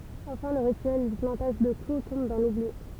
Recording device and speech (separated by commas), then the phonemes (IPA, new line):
temple vibration pickup, read sentence
ɑ̃fɛ̃ lə ʁityɛl dy plɑ̃taʒ də klu tɔ̃b dɑ̃ lubli